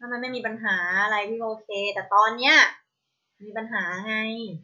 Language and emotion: Thai, frustrated